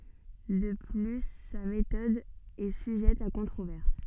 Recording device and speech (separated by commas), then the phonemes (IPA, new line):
soft in-ear microphone, read sentence
də ply sa metɔd ɛ syʒɛt a kɔ̃tʁovɛʁs